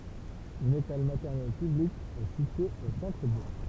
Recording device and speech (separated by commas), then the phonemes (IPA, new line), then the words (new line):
temple vibration pickup, read sentence
yn ekɔl matɛʁnɛl pyblik ɛ sitye o sɑ̃tʁəbuʁ
Une école maternelle publique est située au centre-bourg.